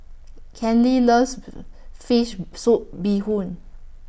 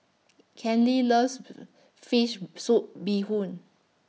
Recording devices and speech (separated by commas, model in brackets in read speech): boundary microphone (BM630), mobile phone (iPhone 6), read sentence